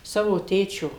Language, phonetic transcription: Lithuanian, ˈsavo ˈtėčio

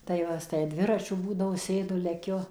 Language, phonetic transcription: Lithuanian, tai ˈva tai ˈdviračiu ˈbūdavo ˈsėdu leˈkiu

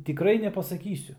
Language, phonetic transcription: Lithuanian, tiˈkrai nepasaˈkysiu

